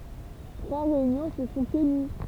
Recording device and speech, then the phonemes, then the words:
temple vibration pickup, read sentence
tʁwa ʁeynjɔ̃ sə sɔ̃ təny
Trois réunions se sont tenues.

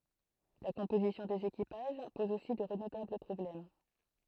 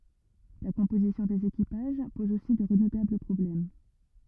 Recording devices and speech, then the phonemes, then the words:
throat microphone, rigid in-ear microphone, read sentence
la kɔ̃pozisjɔ̃ dez ekipaʒ pɔz osi də ʁədutabl pʁɔblɛm
La composition des équipages pose aussi de redoutables problèmes.

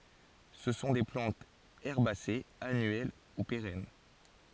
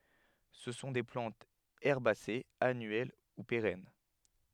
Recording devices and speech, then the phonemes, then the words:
forehead accelerometer, headset microphone, read sentence
sə sɔ̃ de plɑ̃tz ɛʁbasez anyɛl u peʁɛn
Ce sont des plantes herbacées annuelles ou pérennes.

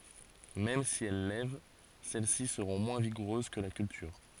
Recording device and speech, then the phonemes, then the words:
forehead accelerometer, read sentence
mɛm si ɛl lɛv sɛl si səʁɔ̃ mwɛ̃ viɡuʁøz kə la kyltyʁ
Même si elles lèvent, celle-ci seront moins vigoureuses que la culture.

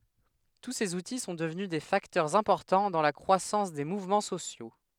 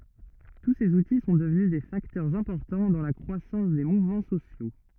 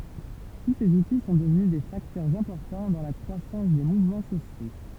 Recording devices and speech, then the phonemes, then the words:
headset microphone, rigid in-ear microphone, temple vibration pickup, read sentence
tu sez uti sɔ̃ dəvny de faktœʁz ɛ̃pɔʁtɑ̃ dɑ̃ la kʁwasɑ̃s de muvmɑ̃ sosjo
Tous ces outils sont devenus des facteurs importants dans la croissance des mouvements sociaux.

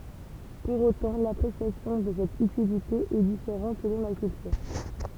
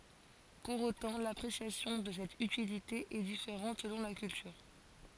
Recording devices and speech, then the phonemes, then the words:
temple vibration pickup, forehead accelerometer, read sentence
puʁ otɑ̃ lapʁesjasjɔ̃ də sɛt ytilite ɛ difeʁɑ̃t səlɔ̃ la kyltyʁ
Pour autant, l'appréciation de cette utilité est différente selon la culture.

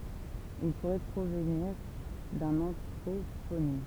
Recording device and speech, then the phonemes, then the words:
temple vibration pickup, read sentence
il puʁɛ pʁovniʁ dœ̃n ɑ̃tʁoponim
Il pourrait provenir d'un anthroponyme.

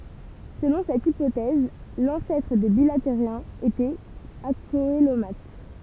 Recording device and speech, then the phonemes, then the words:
temple vibration pickup, read sentence
səlɔ̃ sɛt ipotɛz lɑ̃sɛtʁ de bilateʁjɛ̃z etɛt akoəlomat
Selon cette hypothèse l'ancêtre des bilatériens était acoelomate.

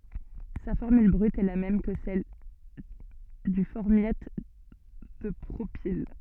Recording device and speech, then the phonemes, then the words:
soft in-ear microphone, read sentence
sa fɔʁmyl bʁyt ɛ la mɛm kə sɛl dy fɔʁmjat də pʁopil
Sa formule brute est la même que celle du formiate de propyle.

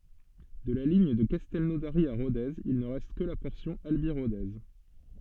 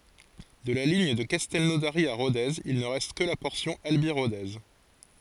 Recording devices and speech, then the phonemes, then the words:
soft in-ear microphone, forehead accelerometer, read sentence
də la liɲ də kastɛlnodaʁi a ʁodez il nə ʁɛst kə la pɔʁsjɔ̃ albi ʁode
De la ligne de Castelnaudary à Rodez, il ne reste que la portion Albi-Rodez.

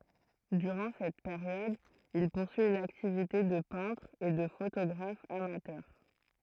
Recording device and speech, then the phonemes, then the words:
throat microphone, read sentence
dyʁɑ̃ sɛt peʁjɔd il puʁsyi yn aktivite də pɛ̃tʁ e də fotoɡʁaf amatœʁ
Durant cette période, il poursuit une activité de peintre et de photographe amateur.

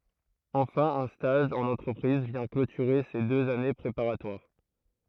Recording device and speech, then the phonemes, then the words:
throat microphone, read sentence
ɑ̃fɛ̃ œ̃ staʒ ɑ̃n ɑ̃tʁəpʁiz vjɛ̃ klotyʁe se døz ane pʁepaʁatwaʁ
Enfin un stage en entreprise vient clôturer ces deux années préparatoires.

